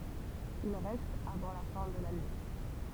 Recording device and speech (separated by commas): temple vibration pickup, read sentence